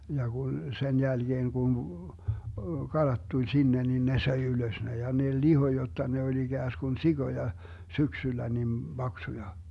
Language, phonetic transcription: Finnish, ja kun , 'sen 'jälGeeŋ Gun , "kalat tuĺ 'sinne nin 'ne söi 'ylös ne ja ne "liho jotta ne oĺ 'iGääskun "siGoja , 'syksyllä nim 'Baksuja .
- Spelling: ja kun sen jälkeen kun kalat tuli sinne niin ne söi ylös ne ja ne lihoi jotta ne oli ikään kuin sikoja syksyllä niin paksuja

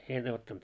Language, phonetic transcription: Finnish, 'en ottant .
- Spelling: en ottanut

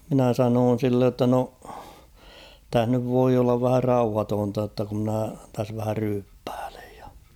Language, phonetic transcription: Finnish, minä 'sanoon̬ sillej jotta no , 'täh nyv 'voi ollav vähä "rauhatoonta jotta ku ‿mnä täs vähä 'ryyppᴀ̈ᴀ̈ʟᴇᴊ ᴊᴀ .
- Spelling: minä sanoin sille jotta no tässä nyt voi olla vähän rauhatonta jotta kun minä tässä vähän ryyppäilen ja

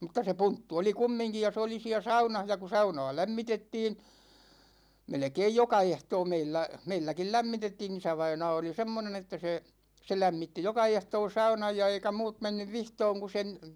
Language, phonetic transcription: Finnish, mutta se "punttu oli 'kummiŋki ja 'se oli 'siä "saunah ja ku 'sauna̭a̭ 'lämmitettiin̬ , 'melᵉkeij "joka 'ehtoo 'meillä , 'meilläkil "lämmitettiin ‿'isävainaa oli 'semmonen ‿että se , 'se 'lämmitti "joka 'ehtoo 'saunaj ja eikä 'muut 'mennyv "vihtooŋ ku sen ,.
- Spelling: mutta se punttu oli kumminkin ja se oli siellä saunassa ja kun saunaa lämmitettiin melkein joka ehtoo meillä meilläkin lämmitettiin isävainaa oli semmoinen että se se lämmitti joka ehtoo saunan ja eikä muut mennyt vihtomaan kun sen

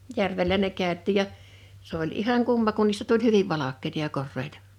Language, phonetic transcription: Finnish, 'järvellä ne 'kä̀öt̆tì ‿ja , 's ‿oĺ 'ihaŋ 'kumma kun niistä tuĺ "hyviv "valak̆keⁱta ja 'korreita .
- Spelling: järvellä ne käytiin ja se oli ihan kumma kun niistä tuli hyvin valkeita ja koreita

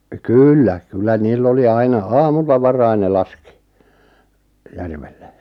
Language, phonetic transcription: Finnish, kyyllä , 'kyllä 'niill ‿oli 'aina "aamulla 'varain ne 'laskɪ , 'järvelle .
- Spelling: kyllä kyllä niillä oli aina aamulla varhain ne laski järvelle

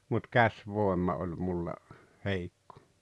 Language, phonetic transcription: Finnish, mut "käś'vòemma oĺ 'mulla , "heikko .
- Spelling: mutta käsivoima oli minulla heikko

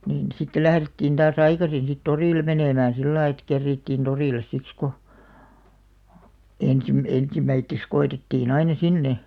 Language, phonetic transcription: Finnish, niin , sitte "lährettiin ᴅaas "aikasin̬ sit 'torìlᵉ 'menèmäää̰ "sillai ᵉt 'kerriittìn 'torìles siks ko , 'ensim- 'ensimmäitteks ko₍etettii'n ‿aina "sinne ,.
- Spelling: niin sitten lähdettiin taas aikaisin sitten torille menemään sillä lailla että kerittiin torille siksi kun - ensimmäiseksi koetettiin aina sinne

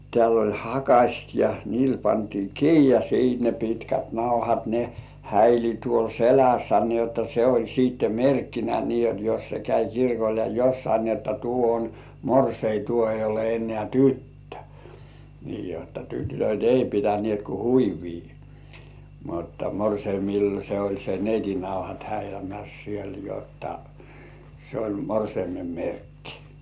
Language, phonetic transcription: Finnish, tĕä̀l ‿oĺ 'hakaśt ja 'niil pantii "kii ja siit ne pitkät 'nauhat ne häili tuol "selässä ni ‿otta 'se oĺ siitte "merkkinä nii jot jos se käi 'kirkol ja 'jossai ni että 'tuo on "morsei , 'tuo ei ole en̆nĕä̀ "tyttö , nii jotta 'tytöt̜ "ei pitänĭèt ku "huivii , mutta 'morseimil se oĺ se neiti nauhat häilämäs siel jotta , se oĺ 'morseimem "merkkɪ .
- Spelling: täällä oli hakaset ja niillä pantiin kiinni ja sitten ne pitkät nauhat ne häili tuolla selässä niin jotta se oli sitten merkkinä niin jotta jos se kävi kirkolla ja jossakin niin että tuo on morsian tuo ei ole enää tyttö niin jotta tytöt ei pitäneet kuin huivia mutta morsiamilla se oli se neitin nauhat häilämässä siellä jotta se oli morsiamen merkki

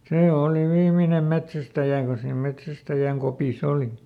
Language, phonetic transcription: Finnish, ˈsee ˈòli "viiminem ˈmetsästäjä ko siim ˈmetsästäjäŋ kopiˈs ‿oli .
- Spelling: se oli viimeinen metsästäjä kun siinä metsästäjän kopissa oli

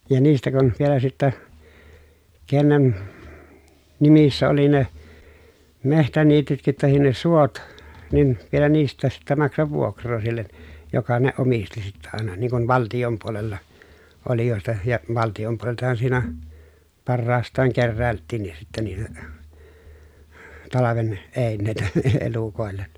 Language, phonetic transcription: Finnish, ja niistä kun , vielä sittä , kennen , nimissä oli ne , mehtäniitytkit tahin ne suot , nin , vielä niist̆tääs sittä maksav vuokr̆roo sillen , joka ne omisti sittä àena niŋ kuv valtijom puolella , olijòesta ja valtijom puoleltahan siinä , parraast̆taaŋ kerrä̀elttiin̆nis sittä niitä , talaven , èinnèitä e- elukòellen .
- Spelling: ja niistä kun vielä sitten kenen nimissä oli ne metsäniitytkin tai ne suot niin vielä niistäkin sitten maksaa vuokraa sille joka ne omisti sitten aina niin kuin valtion puolella olijoista ja valtion puoleltahan siinä parhaastaan keräiltiinkin sitten niitä talven eineitä - elukoille

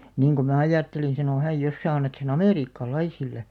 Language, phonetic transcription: Finnish, » niiŋ ku mä̀ 'ajàttelin̬ « sano 'häj » jos sää 'annat se'n ‿amèriikka'laisille « .
- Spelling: niin kun minä ajattelin sanoi hän jos sinä annat sen amerikkalaisille

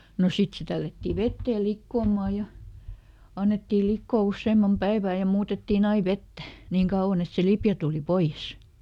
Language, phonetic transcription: Finnish, no "sit se ˈtällätti ˈvettee "likkoomà ja , ˈannettii ˈlikkoo ˈusseemmam "päivä̀ ja ˈmuutettiiˈn ‿ai "vettä , ˈniiŋ kauʷan ‿et se ˈlipjä tùli "poiʲes .
- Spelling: no sitten se tällättiin veteen likoamaan ja annettiin liota useamman päivää ja muutettiin aina vettä niin kauan että se lipeä tuli pois

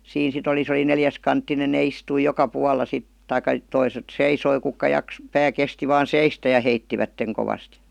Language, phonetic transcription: Finnish, 'siin sit ‿oli 'se oli "neljäskanttinen ne 'istui "joka "pualla sit , 'taikka , "toiset "seisoi kukka "jak- , "pää 'kesti vaan "seistä ja 'heittivätteŋ kovast .
- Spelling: siinä sitten oli se oli neliskanttinen ne istui joka puolella sitten tai toiset seisoi ketkä - pää kesti vain seistä ja heittivät kovasti

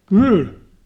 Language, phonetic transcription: Finnish, kỳl .
- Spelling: kyllä

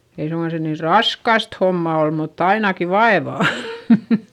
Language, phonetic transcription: Finnish, ei suŋkan se niir raskast homma ol mutt ‿ainaki vaevà .
- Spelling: ei suinkaan se niin raskasta hommaa ole mutta ainakin vaivaa

